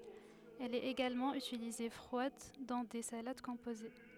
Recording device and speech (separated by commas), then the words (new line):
headset microphone, read sentence
Elle est également utilisée froide dans des salades composées.